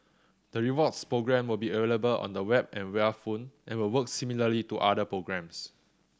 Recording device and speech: standing microphone (AKG C214), read sentence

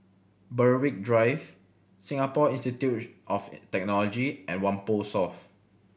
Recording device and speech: boundary microphone (BM630), read sentence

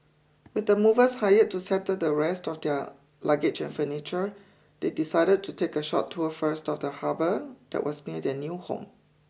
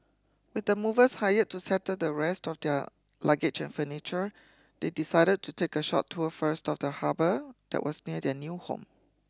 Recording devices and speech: boundary microphone (BM630), close-talking microphone (WH20), read sentence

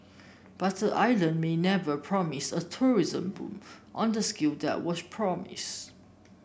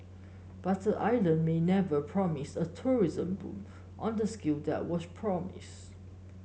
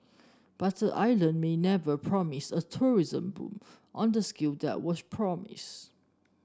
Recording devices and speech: boundary microphone (BM630), mobile phone (Samsung S8), standing microphone (AKG C214), read sentence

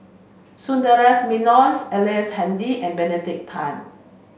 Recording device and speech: mobile phone (Samsung C5), read sentence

